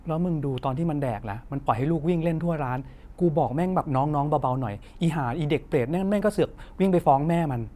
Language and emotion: Thai, frustrated